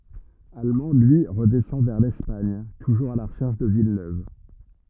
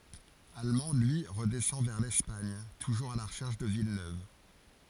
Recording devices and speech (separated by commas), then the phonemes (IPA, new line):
rigid in-ear microphone, forehead accelerometer, read sentence
almɑ̃ lyi ʁədɛsɑ̃ vɛʁ lɛspaɲ tuʒuʁz a la ʁəʃɛʁʃ də vilnøv